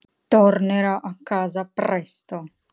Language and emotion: Italian, angry